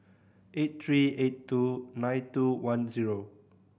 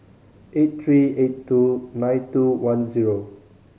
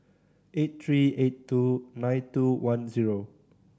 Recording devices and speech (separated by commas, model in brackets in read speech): boundary microphone (BM630), mobile phone (Samsung C5010), standing microphone (AKG C214), read sentence